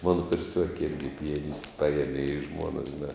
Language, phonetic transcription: Lithuanian, ˈmano kurˈsiuoki ˈirgi pijaˈnisti ˈpajiemi i ˈžmuonas žiˈnā

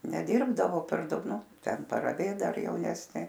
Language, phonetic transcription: Lithuanian, neˈdirbdavo per ˈdaug ˈnu ˈten paraˈvėt ˈdar jauˈnesnė

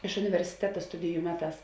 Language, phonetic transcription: Lithuanian, iš universiˈteta ˈstudiju ˈmeˌtās

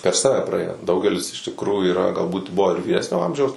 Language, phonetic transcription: Lithuanian, per ˈsave praˈėjo ˈdaugelis iš tikˈrųjų yˈra galˈbūt ˈbuvo ir vyˈresnio ˈamžiaus

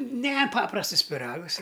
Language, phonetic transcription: Lithuanian, ˈne ˈpaprastɨs piˈragɨs i

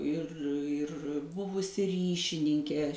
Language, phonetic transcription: Lithuanian, ir ir ˈbuvusi ˈryšininkė

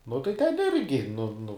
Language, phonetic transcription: Lithuanian, nu tai ˈten ˈirgi nu nu

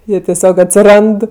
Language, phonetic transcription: Lithuanian, ˈjie teˈsiog atsiˈrand

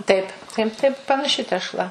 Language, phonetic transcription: Lithuanian, ˈtaip taip ˈtaip panaˈši tešˈla

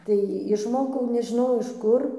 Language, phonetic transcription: Lithuanian, tai išˈmokau nežiˈnau iš ˈkur

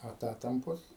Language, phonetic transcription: Lithuanian, aˈtatampos

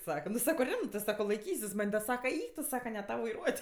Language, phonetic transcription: Lithuanian, ˈsaka nu ˈsako ˈrimtɜs ˈsako laiˈkysis man' da ˈsaka ˈeik tu ˈsaka ne ˈtau vaiˈruot'

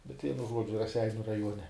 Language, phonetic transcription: Lithuanian, bet ˈvienu ˈžuodžiu raˈseiniu raˈjuone

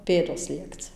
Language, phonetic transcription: Lithuanian, ˈpėdos ˈliekci

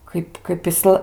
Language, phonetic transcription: Lithuanian, ˈkaip kaip iˈsla

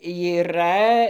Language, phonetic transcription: Lithuanian, yˈra

